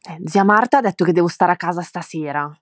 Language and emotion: Italian, angry